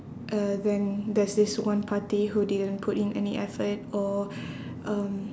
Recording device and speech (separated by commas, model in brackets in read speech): standing microphone, conversation in separate rooms